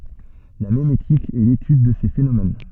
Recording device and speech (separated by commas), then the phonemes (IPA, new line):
soft in-ear microphone, read sentence
la memetik ɛ letyd də se fenomɛn